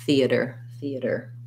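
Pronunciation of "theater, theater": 'Theater' is said the American way, in three syllables, with the stress on the first syllable and the t sounding more like a flap.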